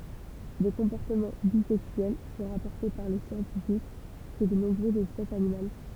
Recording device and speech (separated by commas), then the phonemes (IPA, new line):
temple vibration pickup, read sentence
de kɔ̃pɔʁtəmɑ̃ bizɛksyɛl sɔ̃ ʁapɔʁte paʁ le sjɑ̃tifik ʃe də nɔ̃bʁøzz ɛspɛsz animal